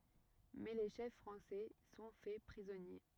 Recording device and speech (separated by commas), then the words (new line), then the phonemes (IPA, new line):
rigid in-ear microphone, read sentence
Mais les chefs français sont faits prisonniers.
mɛ le ʃɛf fʁɑ̃sɛ sɔ̃ fɛ pʁizɔnje